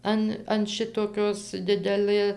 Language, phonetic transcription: Lithuanian, ˈan an ˈšitokios ˈdidelɘ

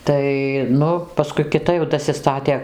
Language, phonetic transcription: Lithuanian, ˈtai ˈnu paˈskui kiˈta jau dasiˈstatė

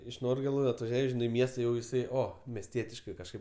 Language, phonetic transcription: Lithuanian, iš ˈnorgėlu atvaˈžiuoj ˈžinai i ˈmiesta jau jiˈsai ˈo mesˈtietiškai kažˈkaip

